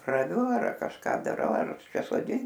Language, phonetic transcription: Lithuanian, raˈviu ar kažˈką daˈrau ar kažk soˈdint

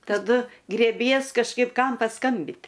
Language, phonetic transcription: Lithuanian, taˈdu grėˈbies kažˈkaip ˈkam paˈskambit

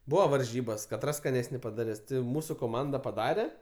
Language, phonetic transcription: Lithuanian, ˈbūva varˈžybas kaˈtras skaˈnesni padaˈres ti ˈmūsu koˈmanda paˈdare

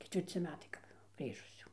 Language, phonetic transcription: Lithuanian, ketvirˈci ˈmetai kap ˈgrįžus jau

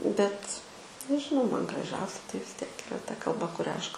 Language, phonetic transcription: Lithuanian, bet nežiˈnau ˈman graˈžiausia tai vis ˈtiek iˈra ta kalˈba kuˈria ˈaš ka

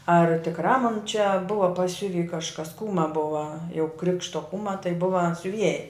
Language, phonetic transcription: Lithuanian, ar tikˈrā mon čia ˈbuva paˈsiuvy kažˈkas ˈkūma ˈbuva jau ˈkrikšto ˈkūma tai ˈbuva siuˈvieja

